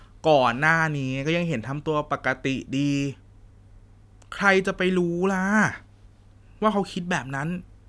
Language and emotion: Thai, frustrated